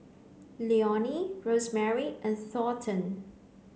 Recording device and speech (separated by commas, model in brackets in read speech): mobile phone (Samsung C9), read sentence